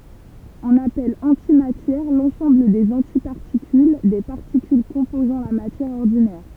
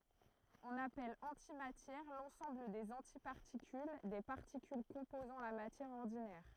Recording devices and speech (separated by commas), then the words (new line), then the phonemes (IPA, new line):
temple vibration pickup, throat microphone, read sentence
On appelle antimatière l'ensemble des antiparticules des particules composant la matière ordinaire.
ɔ̃n apɛl ɑ̃timatjɛʁ lɑ̃sɑ̃bl dez ɑ̃tipaʁtikyl de paʁtikyl kɔ̃pozɑ̃ la matjɛʁ ɔʁdinɛʁ